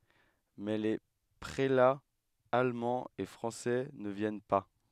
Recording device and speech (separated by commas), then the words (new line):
headset microphone, read sentence
Mais les prélats allemands et français ne viennent pas.